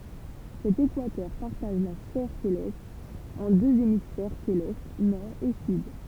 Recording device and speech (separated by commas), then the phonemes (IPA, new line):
temple vibration pickup, read sentence
sɛt ekwatœʁ paʁtaʒ la sfɛʁ selɛst ɑ̃ døz emisfɛʁ selɛst nɔʁ e syd